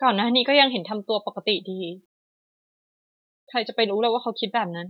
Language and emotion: Thai, sad